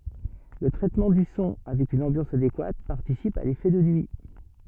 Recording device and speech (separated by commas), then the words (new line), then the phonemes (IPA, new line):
soft in-ear microphone, read sentence
Le traitement du son avec une ambiance adéquate participe à l'effet de nuit.
lə tʁɛtmɑ̃ dy sɔ̃ avɛk yn ɑ̃bjɑ̃s adekwat paʁtisip a lefɛ də nyi